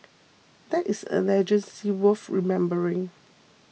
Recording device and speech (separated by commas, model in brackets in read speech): mobile phone (iPhone 6), read sentence